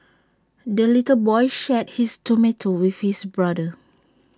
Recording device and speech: standing microphone (AKG C214), read sentence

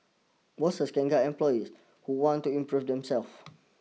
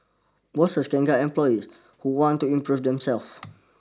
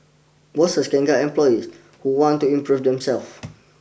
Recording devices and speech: mobile phone (iPhone 6), standing microphone (AKG C214), boundary microphone (BM630), read sentence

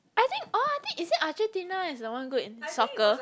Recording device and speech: close-talking microphone, conversation in the same room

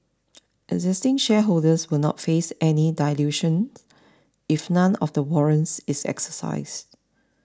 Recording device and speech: standing microphone (AKG C214), read sentence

